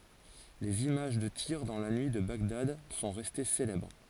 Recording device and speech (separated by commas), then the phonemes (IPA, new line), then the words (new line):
forehead accelerometer, read sentence
lez imaʒ də tiʁ dɑ̃ la nyi də baɡdad sɔ̃ ʁɛste selɛbʁ
Les images de tirs dans la nuit de Bagdad sont restées célèbres.